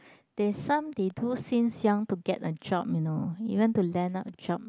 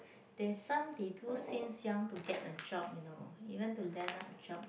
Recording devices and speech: close-talking microphone, boundary microphone, conversation in the same room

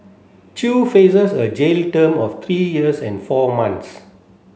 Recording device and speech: mobile phone (Samsung C7), read sentence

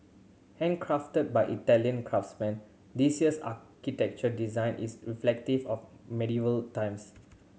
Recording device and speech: mobile phone (Samsung C7100), read sentence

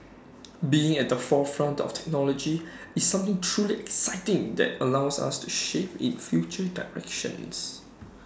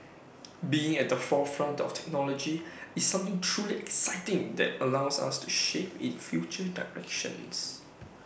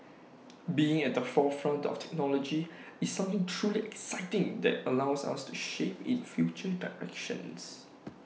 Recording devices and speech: standing microphone (AKG C214), boundary microphone (BM630), mobile phone (iPhone 6), read sentence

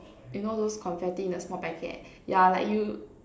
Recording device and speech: standing microphone, conversation in separate rooms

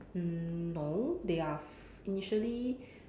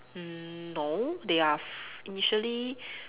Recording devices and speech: standing microphone, telephone, conversation in separate rooms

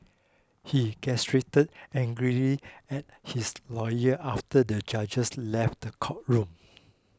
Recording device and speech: close-talking microphone (WH20), read sentence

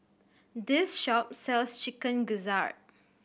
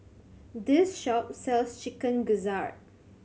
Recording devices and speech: boundary microphone (BM630), mobile phone (Samsung C7100), read sentence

